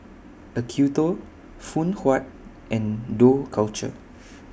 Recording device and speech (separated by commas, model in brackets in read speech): boundary microphone (BM630), read sentence